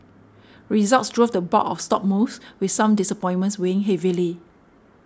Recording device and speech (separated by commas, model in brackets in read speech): standing microphone (AKG C214), read sentence